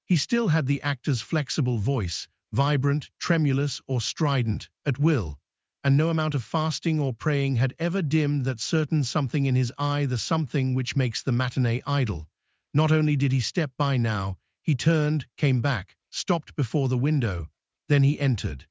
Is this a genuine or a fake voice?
fake